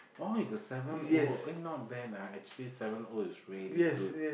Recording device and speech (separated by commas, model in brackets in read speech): boundary microphone, conversation in the same room